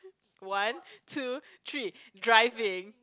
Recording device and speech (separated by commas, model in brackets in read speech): close-talking microphone, conversation in the same room